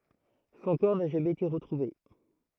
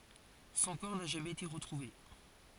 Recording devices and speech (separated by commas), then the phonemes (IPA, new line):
throat microphone, forehead accelerometer, read sentence
sɔ̃ kɔʁ na ʒamɛz ete ʁətʁuve